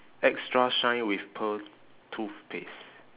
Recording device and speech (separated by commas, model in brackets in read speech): telephone, conversation in separate rooms